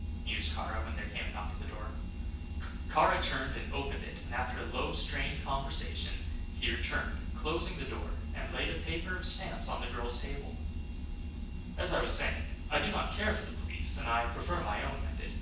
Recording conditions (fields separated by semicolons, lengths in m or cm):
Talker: one person; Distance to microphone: 9.8 m; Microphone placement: far; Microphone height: 1.8 m; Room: large; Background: none